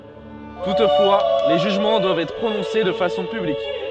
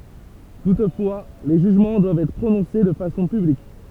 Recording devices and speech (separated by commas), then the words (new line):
soft in-ear microphone, temple vibration pickup, read sentence
Toutefois, les jugements doivent être prononcés de façon publique.